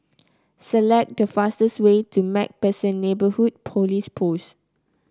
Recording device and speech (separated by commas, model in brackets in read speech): close-talking microphone (WH30), read sentence